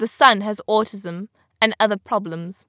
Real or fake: real